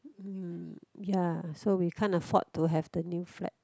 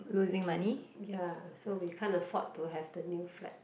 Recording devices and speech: close-talking microphone, boundary microphone, conversation in the same room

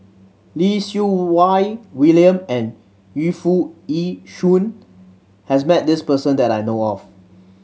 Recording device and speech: mobile phone (Samsung C7100), read sentence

